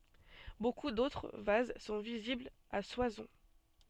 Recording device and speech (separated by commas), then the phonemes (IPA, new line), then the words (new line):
soft in-ear microphone, read sentence
boku dotʁ vaz sɔ̃ viziblz a swasɔ̃
Beaucoup d'autres vases sont visibles à Soissons.